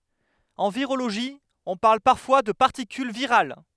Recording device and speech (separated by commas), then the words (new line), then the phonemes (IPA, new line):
headset microphone, read sentence
En virologie, on parle parfois de particule virale.
ɑ̃ viʁoloʒi ɔ̃ paʁl paʁfwa də paʁtikyl viʁal